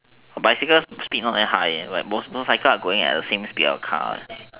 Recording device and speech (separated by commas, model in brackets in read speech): telephone, conversation in separate rooms